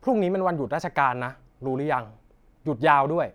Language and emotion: Thai, frustrated